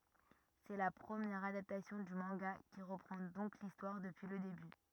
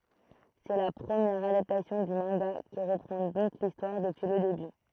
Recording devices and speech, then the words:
rigid in-ear microphone, throat microphone, read sentence
C'est la première adaptation du manga qui reprend donc l'histoire depuis le début.

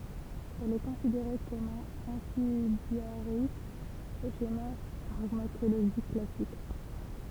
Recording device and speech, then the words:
temple vibration pickup, read sentence
Elle est considérée comme un antidiarrhéique au schéma pharmacologique classique.

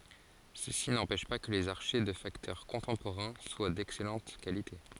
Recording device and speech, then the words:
forehead accelerometer, read sentence
Ceci n'empêche pas que les archets de facteurs contemporains soient d'excellente qualité.

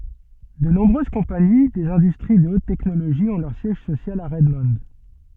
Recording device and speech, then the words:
soft in-ear microphone, read sentence
De nombreuses compagnies des industries de haute technologie ont leur siège social à Redmond.

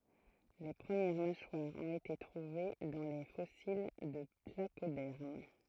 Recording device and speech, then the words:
throat microphone, read sentence
Les premières mâchoires ont été trouvées dans les fossiles de placodermes.

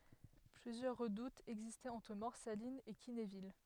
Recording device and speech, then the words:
headset microphone, read sentence
Plusieurs redoutes existaient entre Morsalines et Quinéville.

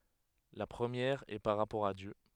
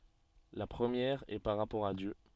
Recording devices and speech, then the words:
headset microphone, soft in-ear microphone, read sentence
La première est par rapport à Dieu.

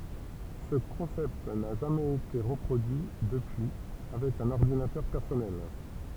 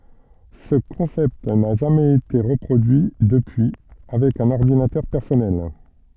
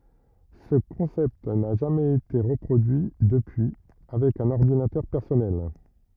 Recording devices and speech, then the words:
temple vibration pickup, soft in-ear microphone, rigid in-ear microphone, read sentence
Ce concept n'a jamais été reproduit depuis avec un ordinateur personnel.

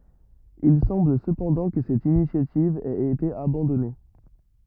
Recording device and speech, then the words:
rigid in-ear microphone, read sentence
Il semble cependant que cette initiative ait été abandonnée.

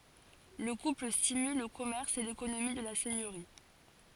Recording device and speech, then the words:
forehead accelerometer, read sentence
Le couple stimule le commerce et l’économie de la seigneurie.

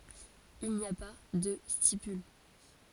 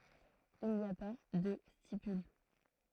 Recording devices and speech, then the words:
forehead accelerometer, throat microphone, read sentence
Il n'y a pas de stipules.

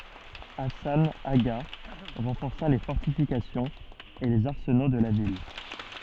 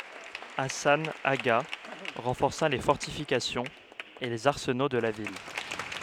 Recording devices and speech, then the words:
soft in-ear microphone, headset microphone, read sentence
Hassan Agha renforça les fortifications et les arsenaux de la ville.

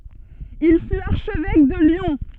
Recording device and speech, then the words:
soft in-ear microphone, read sentence
Il fut archevêque de Lyon.

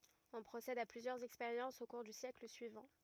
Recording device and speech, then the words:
rigid in-ear microphone, read sentence
On procède à plusieurs expériences au cours du siècle suivant.

